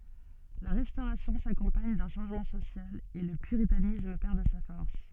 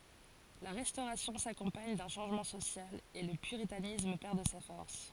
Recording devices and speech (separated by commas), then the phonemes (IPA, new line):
soft in-ear microphone, forehead accelerometer, read sentence
la ʁɛstoʁasjɔ̃ sakɔ̃paɲ dœ̃ ʃɑ̃ʒmɑ̃ sosjal e lə pyʁitanism pɛʁ də sa fɔʁs